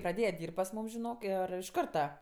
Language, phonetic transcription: Lithuanian, praˈdėja ˈdyrb't' pas ˈmūm žiˈnok ˈir iš ˈkarta

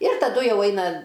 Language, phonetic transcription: Lithuanian, ir taˈdu ˈjau ˈaina

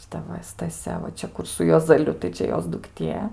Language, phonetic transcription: Lithuanian, šiˈta va staˈsia va ˈčia ˈkur su juozaˈliu tai ˈčia ˈjos dukˈtie

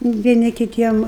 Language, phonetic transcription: Lithuanian, vieˈni kiˈtiem

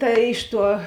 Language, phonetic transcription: Lithuanian, ˈta ˈiš ˌtuo

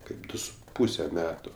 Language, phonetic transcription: Lithuanian, ˈkaip ˈdu su ˈpūse ˈmetu

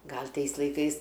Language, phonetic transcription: Lithuanian, ˈgal' ˈtais laiˈkais

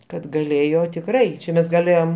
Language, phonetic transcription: Lithuanian, kad gaˈlėjo tikˈrai čia ˈmes gaˈlėjom

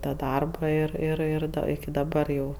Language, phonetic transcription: Lithuanian, ta ˈdarba ˈir ir ˈir da iki daˈbar jau

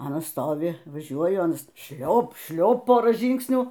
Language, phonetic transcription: Lithuanian, ˈanas ˈstovi vaˈžiuoju ˈanas ˈšliop ˈšliop ˈporą ˈžyngsnių

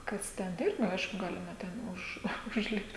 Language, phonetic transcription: Lithuanian, ˈkas ten ˈirgi ˈaišku ˈgalima ˈten už užˈlipt

